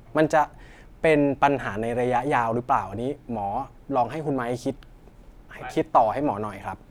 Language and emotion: Thai, neutral